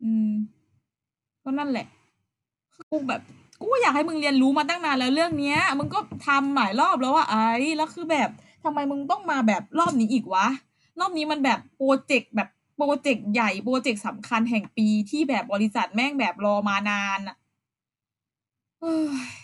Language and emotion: Thai, frustrated